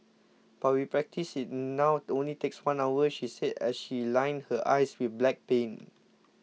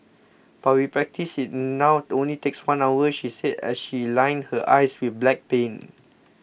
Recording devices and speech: mobile phone (iPhone 6), boundary microphone (BM630), read sentence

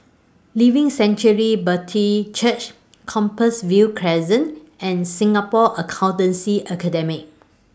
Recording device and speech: standing microphone (AKG C214), read sentence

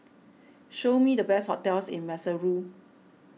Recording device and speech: mobile phone (iPhone 6), read sentence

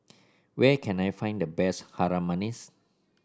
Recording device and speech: standing microphone (AKG C214), read sentence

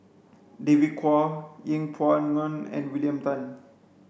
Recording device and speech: boundary microphone (BM630), read sentence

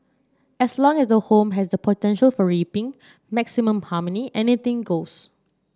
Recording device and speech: standing microphone (AKG C214), read sentence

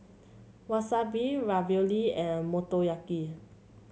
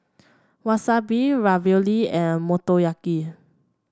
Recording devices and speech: mobile phone (Samsung C7), standing microphone (AKG C214), read sentence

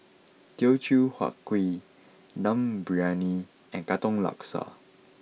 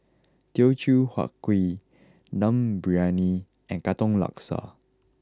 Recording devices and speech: mobile phone (iPhone 6), close-talking microphone (WH20), read sentence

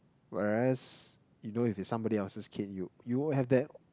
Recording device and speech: close-talking microphone, conversation in the same room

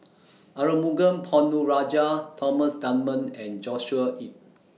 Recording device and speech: mobile phone (iPhone 6), read sentence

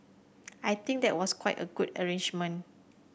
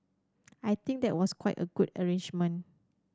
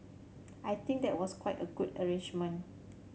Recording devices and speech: boundary microphone (BM630), standing microphone (AKG C214), mobile phone (Samsung C7100), read sentence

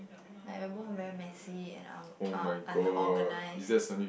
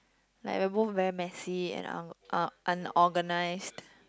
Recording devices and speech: boundary microphone, close-talking microphone, conversation in the same room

